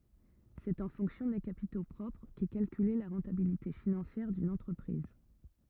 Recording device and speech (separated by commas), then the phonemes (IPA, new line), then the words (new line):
rigid in-ear microphone, read sentence
sɛt ɑ̃ fɔ̃ksjɔ̃ de kapito pʁɔpʁ kɛ kalkyle la ʁɑ̃tabilite finɑ̃sjɛʁ dyn ɑ̃tʁəpʁiz
C'est en fonction des capitaux propres qu'est calculée la rentabilité financière d'une entreprise.